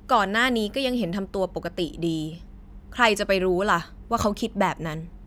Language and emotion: Thai, frustrated